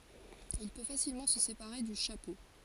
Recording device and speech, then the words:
forehead accelerometer, read sentence
Il peut facilement se séparer du chapeau.

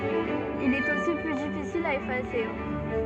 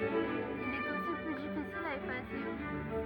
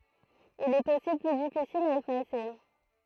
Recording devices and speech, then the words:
soft in-ear microphone, rigid in-ear microphone, throat microphone, read sentence
Il est aussi plus difficile à effacer.

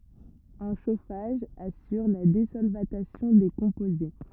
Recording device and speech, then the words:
rigid in-ear microphone, read sentence
Un chauffage assure la désolvatation des composés.

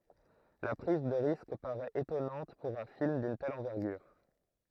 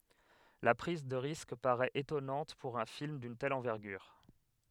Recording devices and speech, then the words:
throat microphone, headset microphone, read sentence
La prise de risque paraît étonnante pour un film d'une telle envergure.

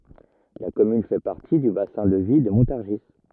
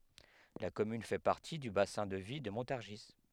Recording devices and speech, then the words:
rigid in-ear microphone, headset microphone, read sentence
La commune fait partie du bassin de vie de Montargis.

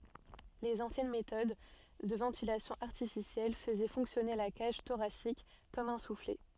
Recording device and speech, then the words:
soft in-ear microphone, read sentence
Les anciennes méthode de ventilation artificielle faisaient fonctionner la cage thoracique comme un soufflet.

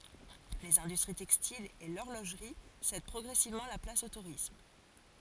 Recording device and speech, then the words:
forehead accelerometer, read sentence
Les industries textiles et l'horlogerie cèdent progressivement la place au tourisme.

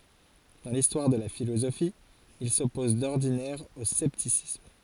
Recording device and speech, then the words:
forehead accelerometer, read sentence
Dans l'histoire de la philosophie, il s'oppose d'ordinaire au scepticisme.

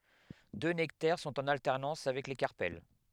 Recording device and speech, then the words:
headset microphone, read sentence
Deux nectaires sont en alternance avec les carpelles.

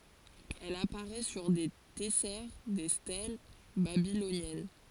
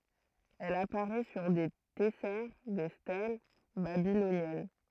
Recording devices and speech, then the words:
forehead accelerometer, throat microphone, read sentence
Elle apparaît sur des tessères, des stèles babyloniennes.

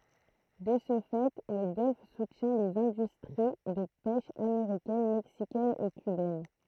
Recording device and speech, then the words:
throat microphone, read sentence
De ce fait, le golfe soutient les industries de pêche américaine, mexicaine et cubaine.

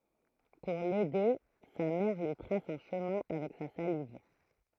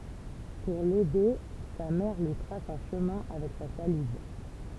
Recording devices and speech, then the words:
throat microphone, temple vibration pickup, read sentence
Pour l'aider, sa mère lui trace un chemin avec sa salive.

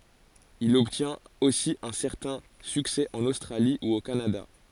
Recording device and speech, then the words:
forehead accelerometer, read sentence
Il obtient aussi un certain succès en Australie ou au Canada.

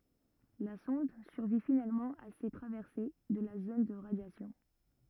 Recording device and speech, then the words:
rigid in-ear microphone, read sentence
La sonde survit finalement à ses traversées de la zone de radiation.

